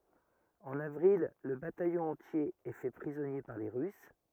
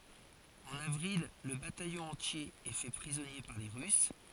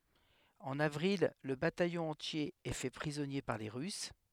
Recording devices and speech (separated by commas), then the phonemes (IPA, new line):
rigid in-ear microphone, forehead accelerometer, headset microphone, read sentence
ɑ̃n avʁil lə batajɔ̃ ɑ̃tje ɛ fɛ pʁizɔnje paʁ le ʁys